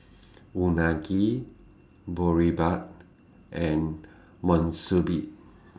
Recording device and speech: standing microphone (AKG C214), read sentence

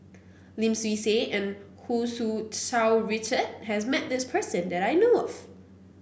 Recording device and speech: boundary microphone (BM630), read sentence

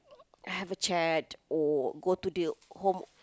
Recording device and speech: close-talking microphone, conversation in the same room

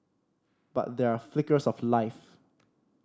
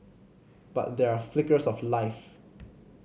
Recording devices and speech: standing microphone (AKG C214), mobile phone (Samsung C5010), read sentence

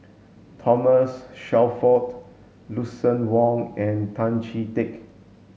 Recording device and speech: mobile phone (Samsung S8), read sentence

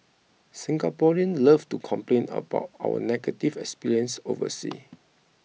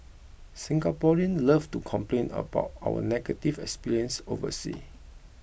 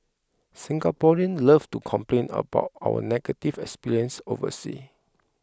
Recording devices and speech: mobile phone (iPhone 6), boundary microphone (BM630), close-talking microphone (WH20), read sentence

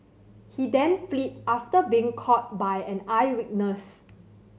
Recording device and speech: mobile phone (Samsung C7100), read sentence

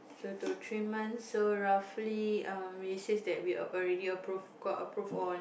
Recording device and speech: boundary microphone, conversation in the same room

